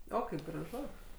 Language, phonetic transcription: Lithuanian, ˈo ˈkaip graˈžu

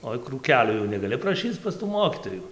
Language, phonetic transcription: Lithuanian, ˈoi krūˈkelio jau negaˈli praˈšyc pas tų ˈmokytoju

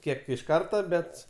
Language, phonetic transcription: Lithuanian, ˈkiek iš ˈkarta ˈbet

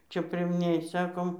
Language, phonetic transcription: Lithuanian, ˈčia primˈnėj ˈsakom

